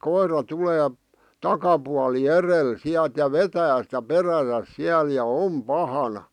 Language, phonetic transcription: Finnish, 'koir̀a 'tulee , 'takapuali "erel 'siäˡt ja "vetää sⁱtä "peräsäs 'siäl ja "om "pahana .
- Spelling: koira tulee takapuoli edellä sieltä ja vetää sitä perässään siellä ja on pahana

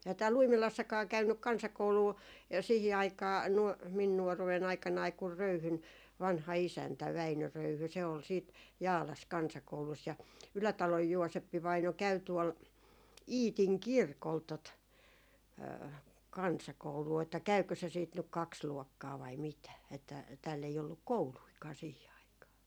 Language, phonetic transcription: Finnish, 'ehä 'tääl"l ‿Uimilassakaa 'käynnyk "kansakouluu , ja siihi 'aikaa 'nuɔ- , 'min nuɔruwe'n ‿aik̀anai kur "Röyhyn , 'vanha 'isäntä , 'Väinö 'Röyhy , se ol siit , "Jaalas 'kansakoulus ja , 'Ylätaloj 'Juoseppivaino käy tuol , "Iitiŋ "kirkol tot , "kansakouluu , että 'käykö se siit nyk "kaks 'luɔkkaa vai mitä , että 'tääll ‿ei olluk "kouluikaa sihi 'aikaa .
- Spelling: eihän täällä Uimilassakaan käynyt kansakoulua ja siihen aikaan - minun nuoruuden aikanani kun Röyhyn vanha isäntä Väinö Röyhy se oli sitten Jaalassa kansakoulussa ja Ylätalon Jooseppi-vaino käy tuolla Iitin kirkolla tuota kansakoulua että käykö se sitten nyt kaksi luokkaa vai mitä että täällä ei ollut koulujakaan siihen aikaan

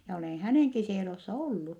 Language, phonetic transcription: Finnish, ja olèn hänèŋki s(ielo)ssa ollu .
- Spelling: ja olen hänenkin sielossa ollut

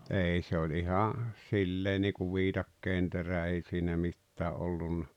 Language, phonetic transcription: Finnish, 'ei se oĺ 'iha , 'sillee niikuv 'vitakkeenterä 'ei siinä 'mittää’ ’ollunna .
- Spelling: ei se oli ihan sillä lailla niin kuin viikatteenterä ei siinä mitään ollut

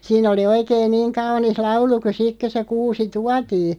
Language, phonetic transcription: Finnish, 'siin ‿oli "oikeen 'niiŋ 'kaunis "laulu ku 'sik kö se 'kuusi "tuatii .
- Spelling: siinä oli oikein niin kaunis laulu kun sitten kun se kuusi tuotiin

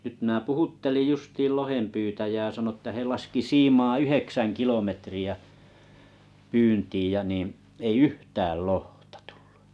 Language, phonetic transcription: Finnish, nyt mnää 'puhuttelij 'justiil 'lohempyytäjää sano ĕttä he laski "siimaa "yheksäŋ kilometri₍ä , 'pyyntiij ja nii’ , 'ei "yhtääl "lohtᴀ tᴜʟʟᴜ .
- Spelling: nyt minä puhuttelin justiin lohenpyytäjää sanoi että he laski siimaa yhdeksän kilometriä pyyntiin ja niin ei yhtään lohta tullut

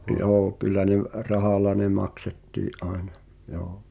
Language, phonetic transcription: Finnish, '’joo kyl̆lä ne v- , "rahàl̆la ne 'maksettii’ '’àena , joo .
- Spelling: joo kyllä ne - rahalla ne maksettiin aina joo

